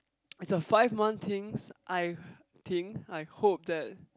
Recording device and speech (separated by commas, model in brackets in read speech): close-talking microphone, conversation in the same room